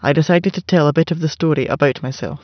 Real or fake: real